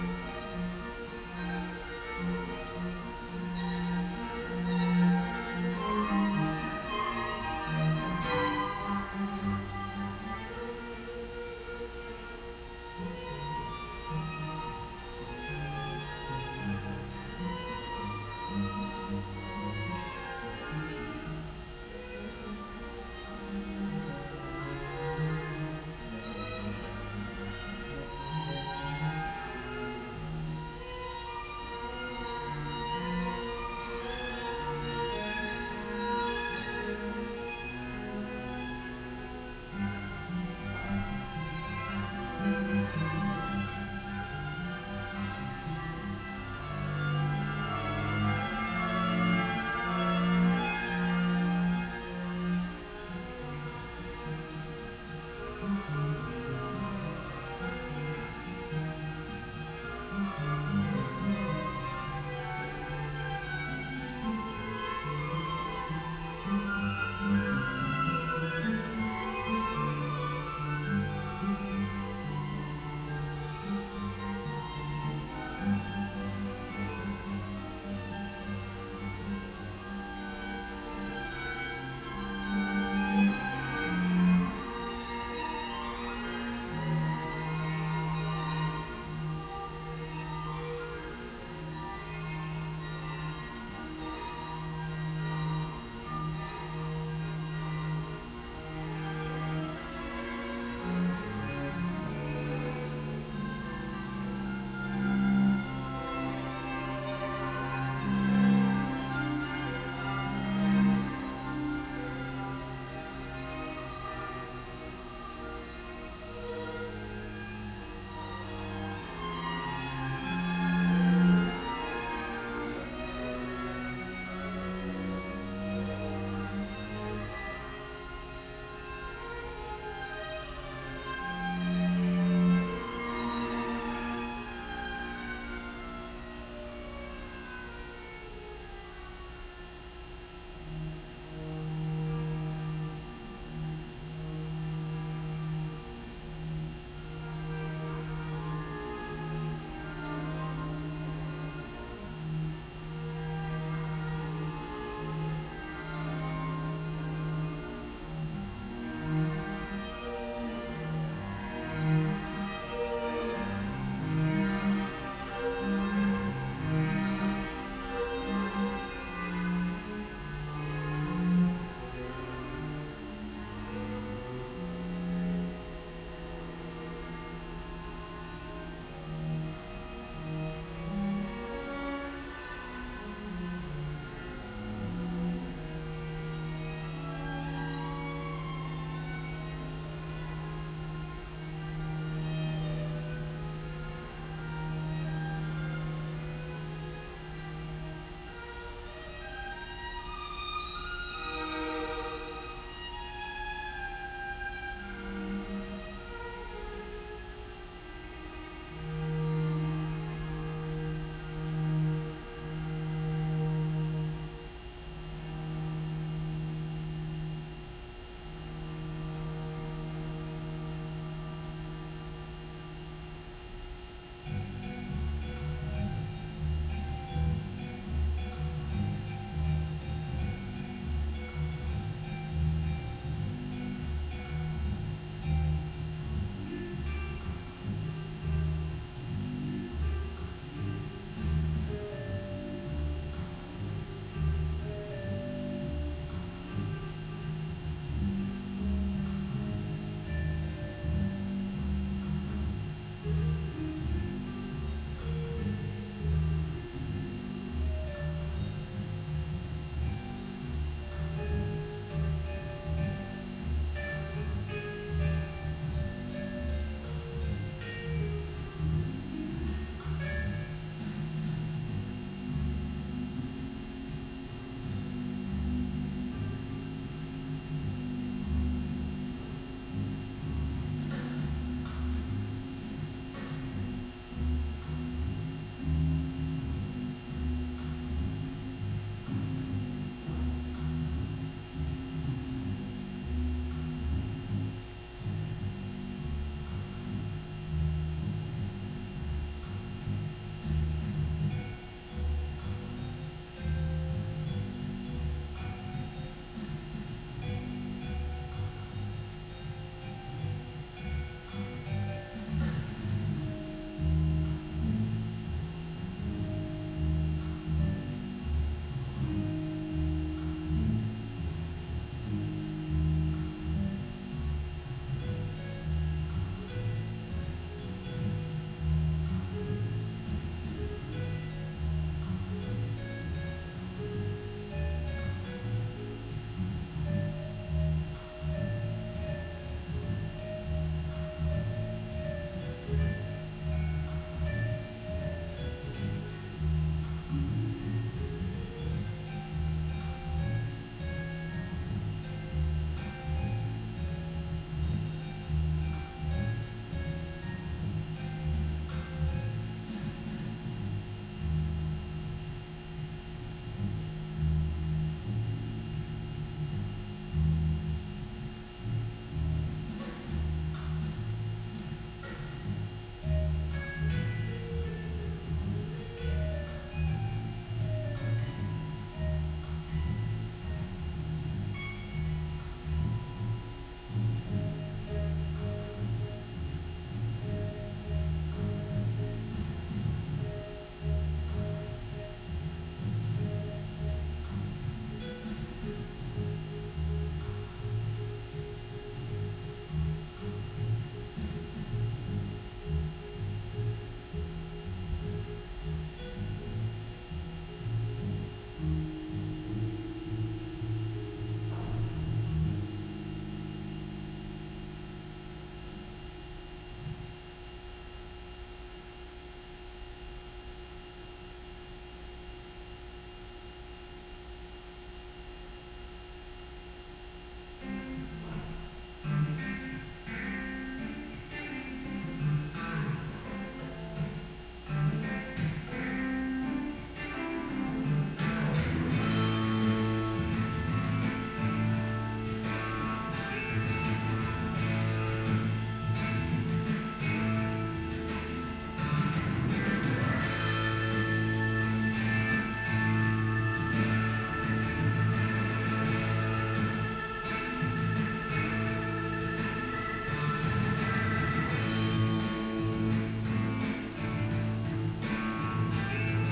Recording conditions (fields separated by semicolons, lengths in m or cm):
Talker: no one; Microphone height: 1.7 m; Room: very reverberant, large; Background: music